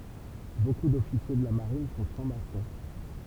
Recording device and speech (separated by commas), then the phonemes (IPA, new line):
temple vibration pickup, read sentence
boku dɔfisje də la maʁin sɔ̃ fʁɑ̃ksmasɔ̃